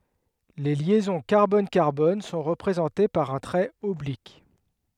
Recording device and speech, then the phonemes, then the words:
headset microphone, read sentence
le ljɛzɔ̃ kaʁbɔnkaʁbɔn sɔ̃ ʁəpʁezɑ̃te paʁ œ̃ tʁɛt ɔblik
Les liaisons carbone-carbone sont représentées par un trait oblique.

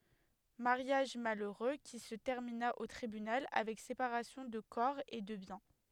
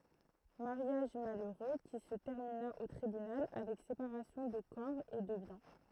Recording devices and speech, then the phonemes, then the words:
headset microphone, throat microphone, read sentence
maʁjaʒ maløʁø ki sə tɛʁmina o tʁibynal avɛk sepaʁasjɔ̃ də kɔʁ e də bjɛ̃
Mariage malheureux qui se termina au tribunal avec séparation de corps et de biens.

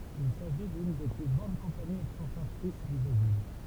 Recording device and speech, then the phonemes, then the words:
temple vibration pickup, read sentence
il saʒi dyn de ply ɡʁɑ̃d kɔ̃paniz ɛkspɔʁtatʁis dy bʁezil
Il s'agit d'une des plus grandes compagnies exportatrices du Brésil.

